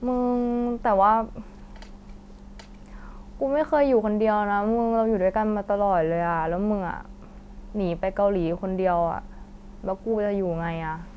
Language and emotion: Thai, frustrated